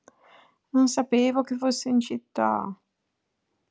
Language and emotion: Italian, sad